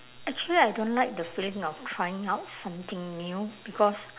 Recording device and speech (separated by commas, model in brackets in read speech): telephone, conversation in separate rooms